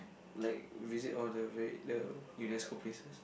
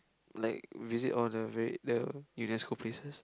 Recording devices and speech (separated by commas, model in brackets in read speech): boundary microphone, close-talking microphone, conversation in the same room